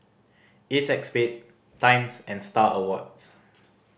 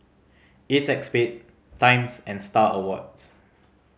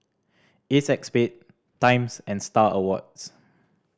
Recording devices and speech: boundary microphone (BM630), mobile phone (Samsung C5010), standing microphone (AKG C214), read sentence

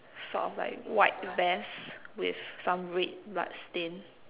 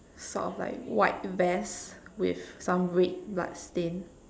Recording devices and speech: telephone, standing microphone, conversation in separate rooms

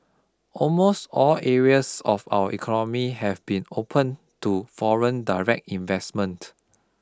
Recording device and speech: close-talking microphone (WH20), read sentence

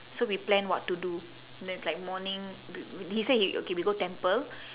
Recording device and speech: telephone, conversation in separate rooms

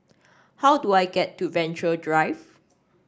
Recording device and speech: standing microphone (AKG C214), read sentence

